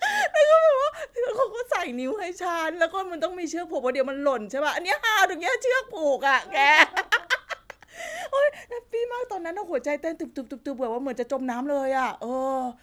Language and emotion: Thai, happy